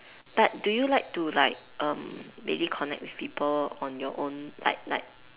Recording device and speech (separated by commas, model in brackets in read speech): telephone, conversation in separate rooms